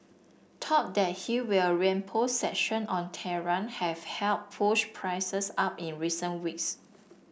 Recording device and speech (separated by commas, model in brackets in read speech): boundary microphone (BM630), read sentence